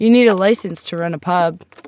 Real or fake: real